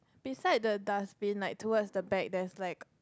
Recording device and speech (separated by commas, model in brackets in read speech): close-talking microphone, conversation in the same room